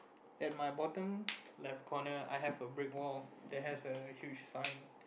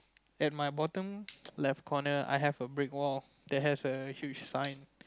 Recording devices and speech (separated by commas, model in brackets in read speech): boundary microphone, close-talking microphone, conversation in the same room